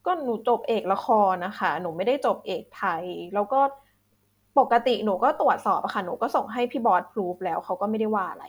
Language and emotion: Thai, frustrated